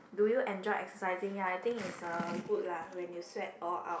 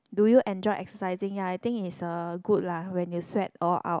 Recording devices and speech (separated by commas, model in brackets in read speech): boundary microphone, close-talking microphone, conversation in the same room